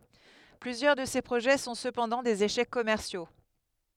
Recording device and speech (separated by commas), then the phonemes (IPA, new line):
headset microphone, read sentence
plyzjœʁ də se pʁoʒɛ sɔ̃ səpɑ̃dɑ̃ dez eʃɛk kɔmɛʁsjo